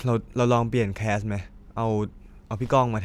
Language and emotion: Thai, neutral